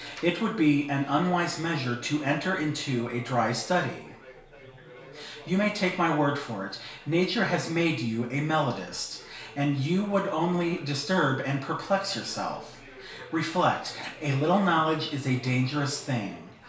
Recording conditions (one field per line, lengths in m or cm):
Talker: one person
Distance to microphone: 1.0 m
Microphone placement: close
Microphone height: 1.1 m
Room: small (3.7 m by 2.7 m)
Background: babble